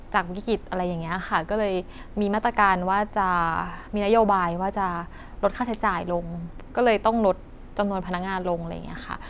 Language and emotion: Thai, neutral